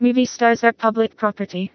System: TTS, vocoder